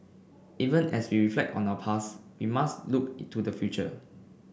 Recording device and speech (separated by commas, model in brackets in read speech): boundary microphone (BM630), read sentence